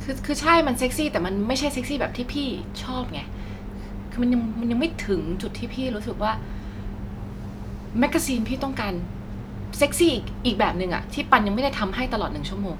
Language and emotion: Thai, frustrated